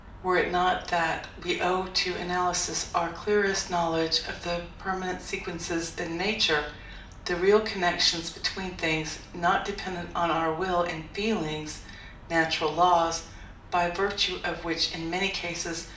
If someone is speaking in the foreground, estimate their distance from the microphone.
2.0 m.